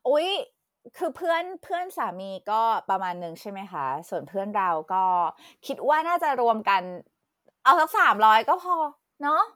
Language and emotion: Thai, happy